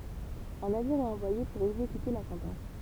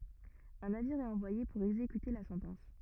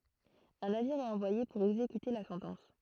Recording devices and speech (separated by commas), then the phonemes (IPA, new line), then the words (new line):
temple vibration pickup, rigid in-ear microphone, throat microphone, read sentence
œ̃ naviʁ ɛt ɑ̃vwaje puʁ ɛɡzekyte la sɑ̃tɑ̃s
Un navire est envoyé pour exécuter la sentence.